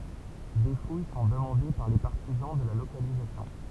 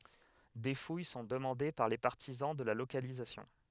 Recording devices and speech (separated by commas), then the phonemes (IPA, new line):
temple vibration pickup, headset microphone, read sentence
de fuj sɔ̃ dəmɑ̃de paʁ le paʁtizɑ̃ də la lokalizasjɔ̃